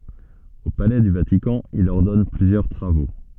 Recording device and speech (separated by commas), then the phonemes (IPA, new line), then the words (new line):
soft in-ear microphone, read sentence
o palɛ dy vatikɑ̃ il ɔʁdɔn plyzjœʁ tʁavo
Au palais du Vatican, il ordonne plusieurs travaux.